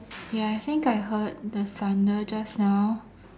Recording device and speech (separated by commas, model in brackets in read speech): standing microphone, conversation in separate rooms